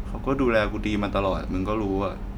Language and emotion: Thai, frustrated